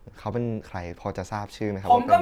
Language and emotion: Thai, neutral